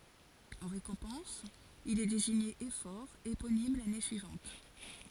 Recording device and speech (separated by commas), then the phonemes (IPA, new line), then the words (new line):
forehead accelerometer, read sentence
ɑ̃ ʁekɔ̃pɑ̃s il ɛ deziɲe efɔʁ eponim lane syivɑ̃t
En récompense, il est désigné éphore éponyme l’année suivante.